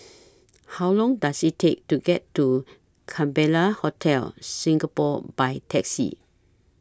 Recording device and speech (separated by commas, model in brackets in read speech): standing microphone (AKG C214), read sentence